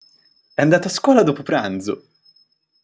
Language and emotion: Italian, happy